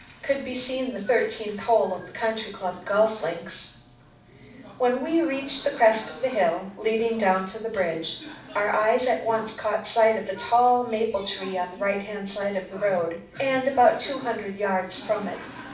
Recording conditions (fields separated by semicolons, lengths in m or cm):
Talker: one person; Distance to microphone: 5.8 m; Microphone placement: far; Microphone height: 1.8 m; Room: medium-sized (5.7 m by 4.0 m); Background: television